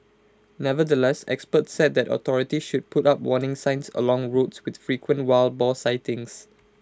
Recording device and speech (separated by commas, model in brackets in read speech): close-talking microphone (WH20), read sentence